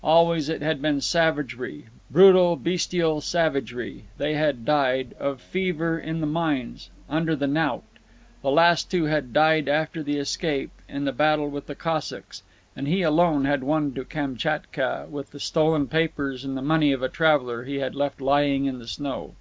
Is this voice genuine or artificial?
genuine